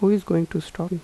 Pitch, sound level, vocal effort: 180 Hz, 80 dB SPL, soft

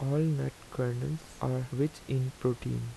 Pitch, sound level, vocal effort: 130 Hz, 79 dB SPL, soft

